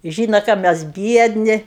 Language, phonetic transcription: Lithuanian, ˈžyno ką ˈmes ˈbiedni

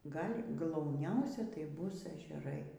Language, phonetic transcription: Lithuanian, ˈgal' glauˈniausia tai ˈbus ežeˈrai

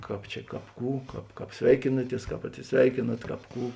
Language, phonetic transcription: Lithuanian, ˈkāp čia ˈkāp ˈkų ˈkāp ˈkāp ˈsveikinaˌties ˈkāp atsisˈveikėnat ˈkāp ˈkų

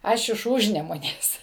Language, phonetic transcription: Lithuanian, ˈaš iš ˈūžnemunės

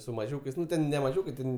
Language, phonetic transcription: Lithuanian, su maˈžiūkais ˈnu ˈten ne maˈžiūkai ˈten

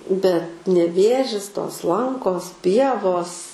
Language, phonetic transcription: Lithuanian, bet neˈvėžis tos ˈlankos ˈpievos

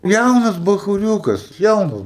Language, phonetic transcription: Lithuanian, ˈjaunas bachuˈriūkas ˈjaunas

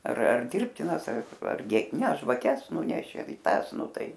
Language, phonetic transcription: Lithuanian, ar ar ˈdirbtinas ar arˈgi ne žvaˈkes ˈnunešė i ˈtąs ˈnu ˈtai

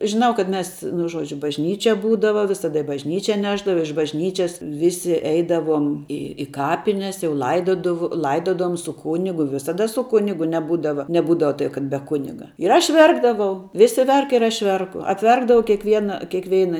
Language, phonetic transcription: Lithuanian, žiˈnau kad ˈmes nu ˈžuodžiu bažˈnyčia ˈbūdava visaˈda i bažˈnyčia ˈnešdava iš bažˈnyčias ˈvisi ˈeidavom ˈi i ˈkapines jau ˈlaidodav ˈlaidodavom su ˈkūnigu visaˈda su ˈkunigu neˈbūdava neˈbūdava tai kad be ˈkuniga ir ˈaš ˈverkdavau ˈvisi ˈverk ir ˈaš ˈverku apˈverkdavau kiekˈviena kėkˈveina

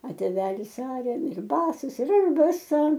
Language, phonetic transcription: Lithuanian, a tėˈvelis ˈaria ir ˈbasas ir ˈaš baˈsa

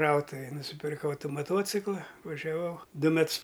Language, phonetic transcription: Lithuanian, ˈkrautuvėj nusipirˈkau ˈtų maˈtuocikla važiaˈvau ˈdu ˈmets

